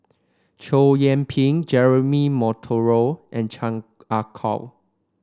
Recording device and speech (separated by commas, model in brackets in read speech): standing microphone (AKG C214), read sentence